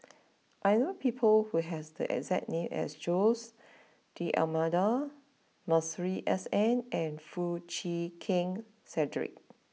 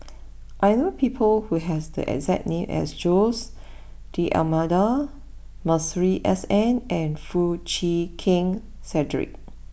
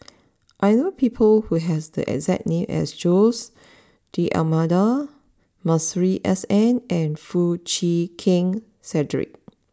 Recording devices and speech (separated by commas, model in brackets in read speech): mobile phone (iPhone 6), boundary microphone (BM630), standing microphone (AKG C214), read sentence